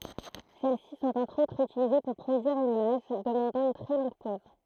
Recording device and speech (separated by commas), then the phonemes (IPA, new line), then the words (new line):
throat microphone, read sentence
sɛl si sɔ̃t ɑ̃tʁ otʁz ytilize puʁ pʁodyiʁ yn imaʒ dəmɑ̃dɑ̃ yn tʁɛ lɔ̃ɡ pɔz
Celles-ci sont entre autres utilisées pour produire une image demandant une très longue pose.